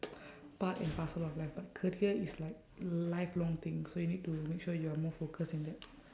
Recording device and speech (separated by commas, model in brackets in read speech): standing microphone, conversation in separate rooms